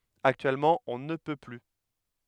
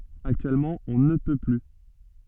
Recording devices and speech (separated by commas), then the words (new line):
headset microphone, soft in-ear microphone, read sentence
Actuellement, on ne peut plus.